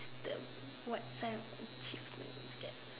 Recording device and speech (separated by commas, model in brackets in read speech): telephone, conversation in separate rooms